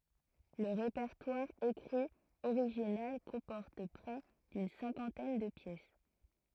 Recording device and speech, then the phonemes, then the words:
throat microphone, read sentence
lə ʁepɛʁtwaʁ ekʁi oʁiʒinal kɔ̃pɔʁt pʁɛ dyn sɛ̃kɑ̃tɛn də pjɛs
Le répertoire écrit original comporte près d'une cinquantaine de pièces.

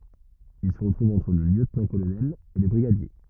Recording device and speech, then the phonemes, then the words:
rigid in-ear microphone, read sentence
il sə tʁuv ɑ̃tʁ lə ljøtnɑ̃tkolonɛl e lə bʁiɡadje
Il se trouve entre le lieutenant-colonel et le brigadier.

